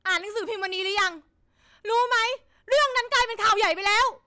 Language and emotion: Thai, angry